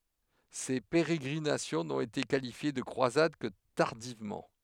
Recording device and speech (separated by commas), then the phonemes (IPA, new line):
headset microphone, read sentence
se peʁeɡʁinasjɔ̃ nɔ̃t ete kalifje də kʁwazad kə taʁdivmɑ̃